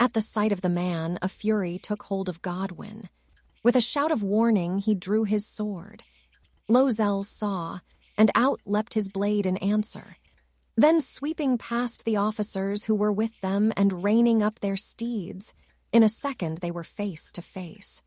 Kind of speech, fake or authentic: fake